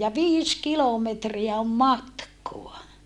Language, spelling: Finnish, ja viisi kilometriä on matkaa
- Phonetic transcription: ja viis kilometriä om matkoa !

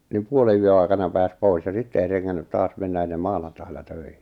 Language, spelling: Finnish, niin puolenyön aikana pääsi pois ja sitten ei rengännyt taas mennä ennen maanantailla töihin
- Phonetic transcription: nim 'puole₍yö ai̬kana 'pääs 'pois ja 'sitte ei reŋŋännyt 'taas 'mennä ennem 'maanantaila 'töihɪ .

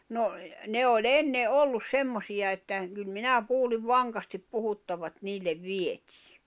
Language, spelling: Finnish, no ne oli ennen oli semmoisia että kyllä minä kuulin vankasti puhuttavan että niille vietiin
- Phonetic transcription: no , 'ne o"ĺ ‿enne '’ollus 'semmosiʲa että , kyl 'minä 'kuuliv "vaŋkastip 'puhuttava ᵉt 'niillev "vietɪɪ .

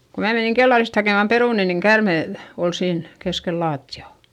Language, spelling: Finnish, kun minä menin kellarista hakemaan perunoita niin käärme - oli siinä keskellä lattiaa
- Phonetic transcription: ko mää meniŋ kellarist hakèmam perùni niŋ kärmè l- , ol siin , keskel laatti₍à .

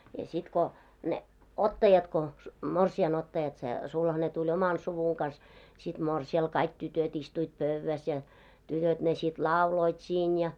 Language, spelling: Finnish, ja sitten kun ne ottajat kun morsiamen ottajat se sulhanen tuli omalla suvun kanssa sitten morsiamelle kaikki tytöt istuivat pöydässä ja tytöt ne sitten lauloivat siinä ja
- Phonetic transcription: ja sit ko , ne , "ottajat ko , 'morsi₍an ‿ottajat se , 'sulhane tuĺ "omal 'suvuŋ kans , sit "mòrsi₍al kaik 'tytöt ‿istuit "pövväs ja , 'tytöt ne sit "lauloit 'siin ja .

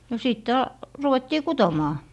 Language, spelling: Finnish, no sitten - ruvettiin kutomaan
- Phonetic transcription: no 'sìtte a- , 'ruvettii "kutomaa .

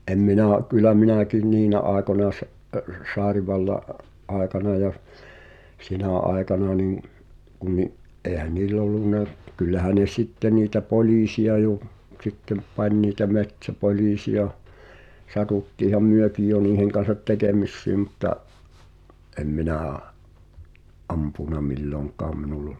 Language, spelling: Finnish, en minä kyllä minäkin niinä aikoina - - tsaarinvallan aikana ja siinä aikana niin kun niin eihän niillä ollut kyllähän ne sitten niitä poliisia jo sitten pani niitä metsäpoliisia satuttiinhan mekin jo niiden kanssa tekemisiin mutta en minä ampunut milloinkaan minulla -
- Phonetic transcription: '’em 'minà̳ , kyl̆lä "minä̀kin "niinä aekona se’- (əss-) "saarivalla’ , '’àekana ja , "siinä̀ 'aekana nim , kun ni’ , '’eehän "nill ‿ollunna , kyllähä ne "sitte niitä "poĺ̳iisi₍a jo , 'ᵗsittem̆ , 'pań niitä 'met̳s̳ä"poĺiisi₍a , 'satuttiiham "myökij jo 'niiheŋ kan̬sat "tekemissiim mᵘtta’ , ’em 'minä̀ , '’ampùna "milloŋk̀aam minul ‿ol̆- ,.

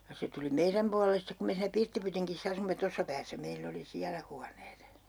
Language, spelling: Finnish, ja se tuli meidän puolelle sitten kun me siinä pirttipytingissä asuimme tuossa päässä meillä oli siellä huoneet
- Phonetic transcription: ja 'se tuli 'meiräm pualelles 'stek ku 'me siinä 'pirttipytiŋkis's ‿asumme "tossa 'päässä 'meill ‿oli 'siälä huaneet .

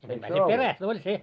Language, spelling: Finnish, sentään se perästä oli se
- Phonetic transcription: sentää se "peräs't ‿oĺ 'se .

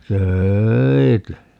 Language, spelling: Finnish, töitä
- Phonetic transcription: "tööi̮tä .

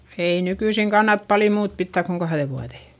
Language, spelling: Finnish, ei nykyisin kannata paljon muuta pitää kuin kahden vuoden
- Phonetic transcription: ei nykyisiŋ kannat pali muut pittä̀k koŋ kahδe vuaδè .

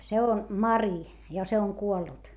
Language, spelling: Finnish, se on Mari ja se on kuollut
- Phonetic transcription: se on , Mari , ja se oŋ kuollut .

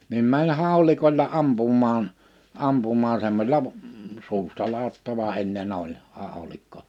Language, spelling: Finnish, niin meni haulikolla ampumaan ampumaan semmoisella - suustaladattava ennen oli haulikko
- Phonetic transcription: nim 'mäń 'hàulikoĺla 'ampum̆maan , 'ampumaa semmośela b- , 'suustalaattava ’enne'n ‿oĺ , 'hàolikko .

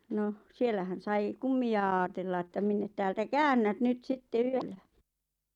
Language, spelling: Finnish, no siellähän sai kummia ajatella että minne täältä käännät nyt sitten yöllä
- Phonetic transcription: 'noh , "siellähän "sai , "kummi₍a aatella että "minne täältä "käännät 'nyt 'sitte "yöllä .

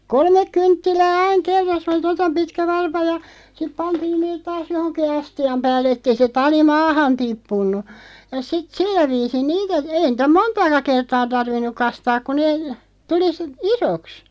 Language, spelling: Finnish, kolme kynttilää aina kerrassa se oli tuota pitkä varpa ja sitten pantiin ne taas johonkin astian päälle että ei se tali maahan tippunut ja sitten sillä viisiin niitä ei niitä montaakaan kertaa tarvinnut kastaa kun ne tuli - isoksi
- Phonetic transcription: kolmeᵏ 'kynttilää 'aiŋ 'kerras (se oli) "tota 'pitkä 'varpa ja , siᵖ 'pantiin 'neet "taas 'johoŋki "asti₍am 'päällᵉ ettei se 'tali "maahan 'tippunnu , ja 'sit "sillä 'viisin 'niitä , 'ei nⁱtä "montaaka 'kertaa 'tarvinnuᵏ 'kastaaᵏ ku nee , 'tuli si- , "isoks .

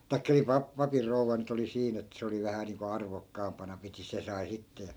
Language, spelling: Finnish, tai niin - papin rouva nyt oli siinä että se oli vähän niin kuin arvokkaampana piti se sai sitten ja
- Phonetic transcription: tai̮kka (nii) 'pap- , 'papir "rouva nyt ‿oli 'siin ‿ettᵃ̈ 'se oli vähä niiŋko 'arvok'kaampana piti 'se sai 'sitte ja , .

